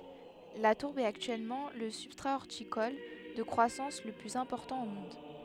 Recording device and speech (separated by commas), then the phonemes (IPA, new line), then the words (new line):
headset microphone, read sentence
la tuʁb ɛt aktyɛlmɑ̃ lə sybstʁa ɔʁtikɔl də kʁwasɑ̃s lə plyz ɛ̃pɔʁtɑ̃ o mɔ̃d
La tourbe est actuellement le substrat horticole de croissance le plus important au monde.